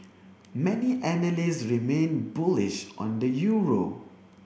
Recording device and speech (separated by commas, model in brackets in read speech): boundary microphone (BM630), read sentence